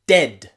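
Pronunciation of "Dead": In 'dead', the d at the beginning is really strong, and the d at the end is slightly softer.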